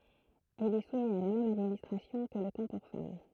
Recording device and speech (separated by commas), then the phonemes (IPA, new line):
throat microphone, read sentence
il ɛ sumi a la mɛm administʁasjɔ̃ kə lə kɑ̃ puʁ fam